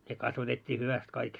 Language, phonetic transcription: Finnish, ne 'kasvatet́t́ii 'hyväst kaik .
- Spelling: ne kasvatettiin hyvästi kaikki

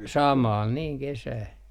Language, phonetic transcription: Finnish, "samàl niiŋ 'kesää .
- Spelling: samalla niin kesää

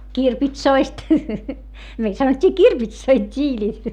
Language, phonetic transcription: Finnish, kirpitsoist , meil sanot́t́ii kirpitsoi t́iiĺit .
- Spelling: kirpitsoista meillä sanottiin kirpitsoiksi tiilet

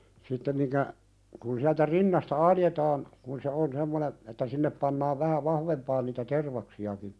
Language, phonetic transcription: Finnish, 'sittem miŋkä , kun siältä "rinnasta 'aljetaan , kun se 'on semmonen , että 'sinnep pannaav "vähä 'vahvempaan niitä "tervaksi₍aki .
- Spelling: sitten minkä kun sieltä rinnasta aloitetaan kun se on semmoinen että sinne pannaan vähän vahvempaan niitä tervaksiakin

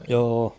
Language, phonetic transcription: Finnish, 'joo₍o .
- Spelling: joo

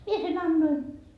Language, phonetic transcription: Finnish, "mie se'n ‿annoi .
- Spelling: minä sen annoin

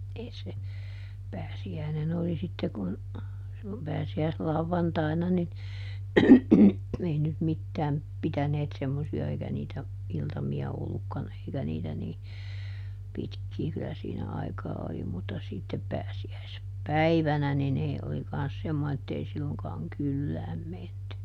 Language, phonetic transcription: Finnish, ˈèi se , ˈpääsi₍äinen ‿oli sitte kun , (sillo) , ˈpääsi₍äislauvvantàina nin , ˈei nyt ˈmittääm , ˈpitäneet semmosi₍a - ˈeikä niitä , ˈiltami₍a ˈollukkan ‿eikä niitä nii , ˈpitkki kyllä siinä ˈaikaa ˈoli - mutta ˈsittep ˈpääsi₍äis- , -ˈpäivänä nin ‿ei oli kans ˈsemmo(ne) ettei ˈsilloŋkaaŋ "kyllääm ˈmenty .
- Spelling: ei se pääsiäinen oli sitten kun silloin pääsiäislauantaina niin ei nyt mitään pitäneet semmoisia eikä niitä iltamia ollutkaan eikä niitä niin pitkin kyllä siinä aikaa oli mutta sitten - pääsiäispäivänä niin ei oli kanssa semmoinen että ei silloinkaan kylään menty

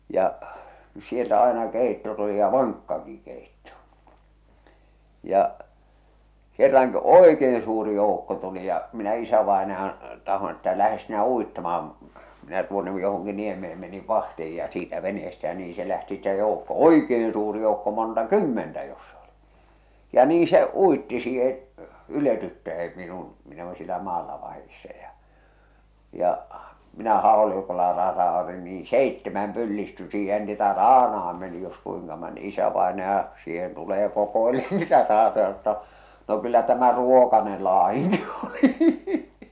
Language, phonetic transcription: Finnish, ja’ , sieltä 'àena 'kèitto tuli ja "vaŋkkaki kèitto , ja’ , kerraŋki’ "òekeen suuri 'jòukko tuli ja , minä 'isävàenajan̬ , tahon että » 'lähes sinä 'uittama₍am « , "minä tuonne johoŋki 'nieme₍em meniv 'vahtih̬ij ja siitä 'vene₍estä jä nii se lähti ste jòukko "oikeen suuri joukko 'monta "kymmentä jossa oli , ja nii se 'uitti siihe , 'yletyttäʰem minun , minᵃ̈ (olin) siellä 'maalla vahissa ja , ja , minä 'hàolikolla 'rasaotin niiḭ "seittemäm pyllisty siihen niitä 'raana₍am meni jos kuiŋka mon- 'isävaenaja , siihen tulee 'kokoeleen nitä 'raatoja sano ‿tta , » no kyllä tämä "ruokanel "laa₍iŋki Oli ! «
- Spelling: ja sieltä aina keitto tuli ja vankkakin keitto ja kerrankin oikein suuri joukko tuli ja minä isävainajan tahdon että lähde sinä uittamaan minä tuonne johonkin niemeen menin vahtiin ja siitä veneestä ja niin se lähti sitten joukko oikein suuri joukko monta kymmentä jossa oli ja niin se uitti siihen yletyttäin minun minä olin siellä maalla vahdissa ja ja minä haulikolla rasautin niin seitsemän pyllistyi siihen niitä raanaan meni jos kuinka - isävainaja siihen tulee kokeilemaan niitä raatoja sanoi jotta no kyllä tämä ruokainen latinki oli

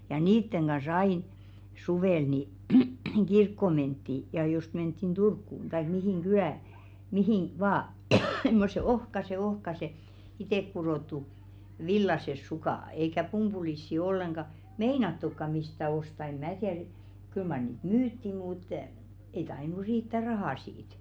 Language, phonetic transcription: Finnish, ja 'niitteŋ ɢa"s ‿ain , 'suvèl ni , "ɢirkkò 'mentti , ja jost menttin "Durkkùn , taik mihìŋ "ɢylä̀ , mihìn , 'vaa (s)emmose "ohkase 'ohkase , 'itèkkuròttu "villases 'sukà , eikä 'pum- ʙulissi olleŋɢa , "meinattukka mistä 'osta eᵐ "mää tiär , 'kyl mar niit "myytti mùt , ei 'tainu 'riittä "rahà siit .
- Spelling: ja niiden kanssa aina suvella niin kirkkoon mentiin ja jos mentiin Turkuun tai mihin kylään mihin vain semmoiset ohkaiset ohkaiset itsekudottu villaiset sukat eikä - pumpulisia ollenkaan meinattukaan mistään ostaa ei minä tiedä kyllä mar niitä myytiin mutta ei tainnut riittää raha siitä

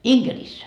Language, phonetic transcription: Finnish, InGerissä .
- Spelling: Inkerissä

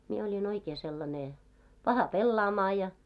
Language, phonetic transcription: Finnish, mie oĺi'n ‿oikee sellane , "paha 'pellaamaa ja .
- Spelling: minä olin oikein sellainen paha pelaamaan ja

